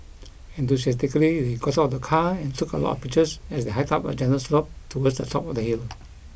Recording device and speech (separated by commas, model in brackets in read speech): boundary microphone (BM630), read sentence